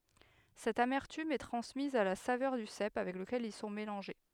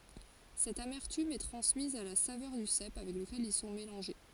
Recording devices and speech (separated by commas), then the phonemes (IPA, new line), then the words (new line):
headset microphone, forehead accelerometer, read sentence
sɛt amɛʁtym ɛ tʁɑ̃smiz a la savœʁ dy sɛp avɛk ləkɛl il sɔ̃ melɑ̃ʒe
Cette amertume est transmise à la saveur du cèpe avec lequel ils sont mélangés.